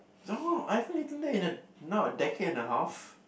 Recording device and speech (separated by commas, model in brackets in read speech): boundary microphone, conversation in the same room